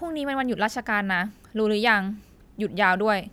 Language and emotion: Thai, frustrated